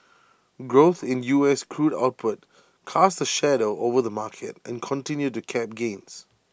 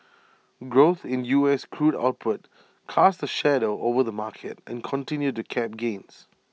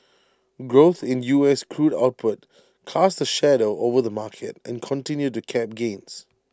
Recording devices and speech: boundary microphone (BM630), mobile phone (iPhone 6), standing microphone (AKG C214), read sentence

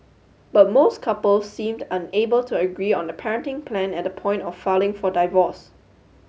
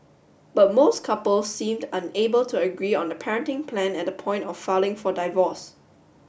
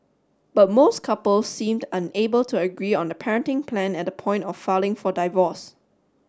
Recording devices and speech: mobile phone (Samsung S8), boundary microphone (BM630), standing microphone (AKG C214), read sentence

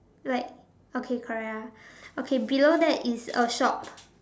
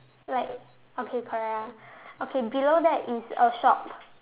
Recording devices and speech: standing microphone, telephone, conversation in separate rooms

